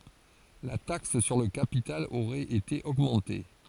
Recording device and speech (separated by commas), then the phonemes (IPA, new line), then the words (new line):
forehead accelerometer, read sentence
la taks syʁ lə kapital oʁɛt ete oɡmɑ̃te
La taxe sur le capital aurait été augmenté.